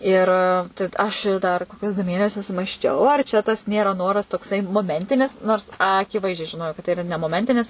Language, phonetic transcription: Lithuanian, ˈir tai d ˈaš i dar ˈkokius du ˈmėnesius masˈčiau ar čia tas ˈnėra ˈnoras tokˈsai moˈmentinis nors ˈakiˌvaizdžiai žiˈnojau kad tai iˈra ne moˈmentinis

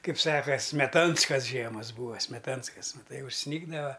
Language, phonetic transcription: Lithuanian, ˈkaip ˈsaka smeˈtanskas ˈžiemas ˈbūa smeˈtanskas maˈtai užˈsnygdava

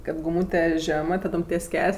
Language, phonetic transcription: Lithuanian, kad guˈmūte ˈžemɜ taˈdom ties ˈkelės'

